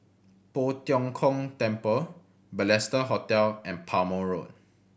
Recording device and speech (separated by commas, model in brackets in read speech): boundary microphone (BM630), read sentence